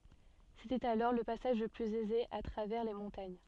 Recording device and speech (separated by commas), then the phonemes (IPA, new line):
soft in-ear microphone, read sentence
setɛt alɔʁ lə pasaʒ lə plyz ɛze a tʁavɛʁ le mɔ̃taɲ